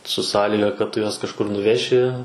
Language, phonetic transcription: Lithuanian, su ˈsąlyga kad ˈtu juos kažˈkur nuˈveši

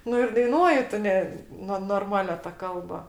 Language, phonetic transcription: Lithuanian, ˈnu ir daiˈnuoji ˈtu ne ˈnu norˈmalia ta ˈkalba

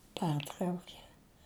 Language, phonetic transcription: Lithuanian, ˈpertraukė

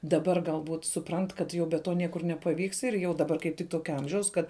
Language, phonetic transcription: Lithuanian, daˈbar galˈbūt suˈprant kad ˈjau be ˈto ˈniekur nepaˈvyks ir ˈjau daˈbar kaip ˈtik ˈtokia ˈamžiaus ˈkad

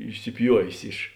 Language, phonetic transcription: Lithuanian, išsiˈpjuovės iš

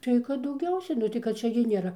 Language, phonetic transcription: Lithuanian, ˈtai kad dauˈgiausia nu ˈtai kad ˈčia gi nėˈra

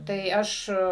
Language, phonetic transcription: Lithuanian, tai ˈaš

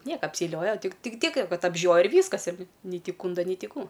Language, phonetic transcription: Lithuanian, ˈnieka apseiˈlioja ˈtik ˈtik ˈtiek ˈkad apˈžioja ir ˈvyskas ir ni nei ˈti ˈkūnda nei ˈti ˈkų

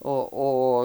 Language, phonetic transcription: Lithuanian, o ˈo

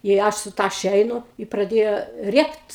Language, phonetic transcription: Lithuanian, i ˈaš su ˈtaše ˈeinu i praˈdėjo ˈriekt

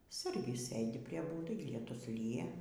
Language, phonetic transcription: Lithuanian, ˈsargis ˈsɘdi prie ˈbūdai lieˈtus ˈlyja

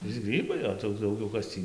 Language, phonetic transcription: Lithuanian, viˈsi ˈgrybai o tai jau ˈdaugiau ˈkas tį

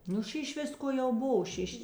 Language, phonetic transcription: Lithuanian, ˈnu ˈšiš ˈvisko jau ˈbova ˈšiš

